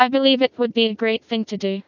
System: TTS, vocoder